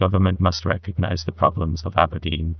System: TTS, neural waveform model